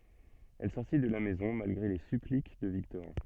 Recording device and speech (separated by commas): soft in-ear microphone, read sentence